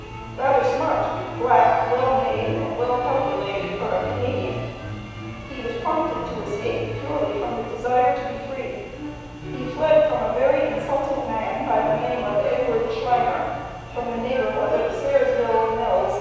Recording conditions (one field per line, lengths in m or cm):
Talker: one person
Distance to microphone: 7.1 m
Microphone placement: far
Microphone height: 1.7 m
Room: very reverberant, large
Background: music